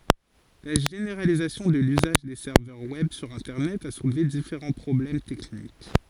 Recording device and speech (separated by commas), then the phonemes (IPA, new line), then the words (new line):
forehead accelerometer, read sentence
la ʒeneʁalizasjɔ̃ də lyzaʒ de sɛʁvœʁ wɛb syʁ ɛ̃tɛʁnɛt a sulve difeʁɑ̃ pʁɔblɛm tɛknik
La généralisation de l'usage des serveurs web sur internet a soulevé différents problèmes techniques.